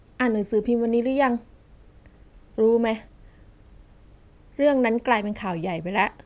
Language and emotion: Thai, frustrated